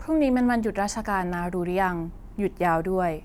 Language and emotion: Thai, neutral